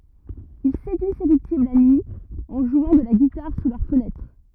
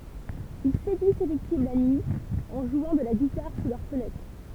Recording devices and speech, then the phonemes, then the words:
rigid in-ear microphone, temple vibration pickup, read sentence
il sedyi se viktim la nyi ɑ̃ ʒwɑ̃ də la ɡitaʁ su lœʁ fənɛtʁ
Il séduit ses victimes la nuit, en jouant de la guitare sous leurs fenêtres.

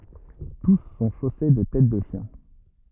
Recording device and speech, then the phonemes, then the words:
rigid in-ear microphone, read sentence
tus sɔ̃ ʃose də tɛt də ʃjɛ̃
Tous sont chaussés de têtes de chiens.

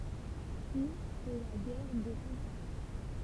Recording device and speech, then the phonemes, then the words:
temple vibration pickup, read sentence
pyi sɛ la ɡɛʁ də sɑ̃ ɑ̃
Puis, c'est la guerre de Cent Ans.

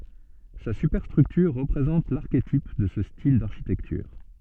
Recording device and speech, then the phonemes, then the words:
soft in-ear microphone, read sentence
sa sypɛʁstʁyktyʁ ʁəpʁezɑ̃t laʁketip də sə stil daʁʃitɛktyʁ
Sa superstructure représente l'archétype de ce style d'architecture.

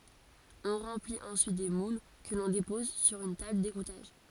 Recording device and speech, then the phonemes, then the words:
forehead accelerometer, read sentence
ɔ̃ ʁɑ̃plit ɑ̃syit de mul kə lɔ̃ depɔz syʁ yn tabl deɡutaʒ
On remplit ensuite des moules que l'on dépose sur une table d'égouttage.

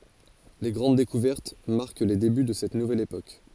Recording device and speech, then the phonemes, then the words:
forehead accelerometer, read sentence
le ɡʁɑ̃d dekuvɛʁt maʁk le deby də sɛt nuvɛl epok
Les grandes découvertes marquent les débuts de cette nouvelle époque.

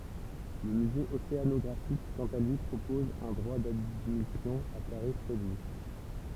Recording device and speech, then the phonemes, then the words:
temple vibration pickup, read sentence
lə myze oseanɔɡʁafik kɑ̃t a lyi pʁopɔz œ̃ dʁwa dadmisjɔ̃ a taʁif ʁedyi
Le musée océanographique quant à lui propose un droit d’admission à tarif réduit.

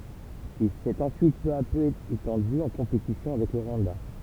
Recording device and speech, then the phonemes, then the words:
temple vibration pickup, read sentence
il sɛt ɑ̃syit pø a pø etɑ̃dy ɑ̃ kɔ̃petisjɔ̃ avɛk lə ʁwɑ̃da
Il s'est ensuite peu à peu étendu, en compétition avec le Rwanda.

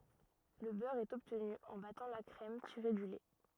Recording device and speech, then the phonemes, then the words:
rigid in-ear microphone, read sentence
lə bœʁ ɛt ɔbtny ɑ̃ batɑ̃ la kʁɛm tiʁe dy lɛ
Le beurre est obtenu en battant la crème tirée du lait.

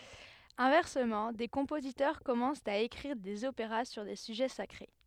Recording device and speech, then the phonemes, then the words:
headset microphone, read sentence
ɛ̃vɛʁsəmɑ̃ de kɔ̃pozitœʁ kɔmɑ̃st a ekʁiʁ dez opeʁa syʁ de syʒɛ sakʁe
Inversement, des compositeurs commencent à écrire des opéras sur des sujets sacrés.

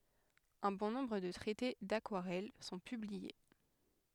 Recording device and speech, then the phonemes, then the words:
headset microphone, read sentence
œ̃ bɔ̃ nɔ̃bʁ də tʁɛte dakwaʁɛl sɔ̃ pyblie
Un bon nombre de traités d'aquarelle sont publiés.

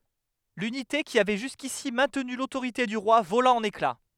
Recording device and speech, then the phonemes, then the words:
headset microphone, read sentence
lynite ki avɛ ʒyskisi mɛ̃tny lotoʁite dy ʁwa vola ɑ̃n ekla
L'unité qui avait jusqu'ici maintenu l'autorité du roi vola en éclats.

